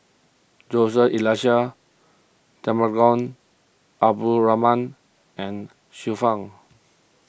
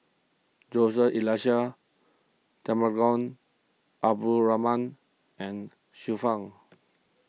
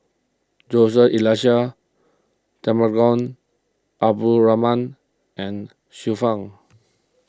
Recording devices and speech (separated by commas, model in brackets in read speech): boundary microphone (BM630), mobile phone (iPhone 6), close-talking microphone (WH20), read sentence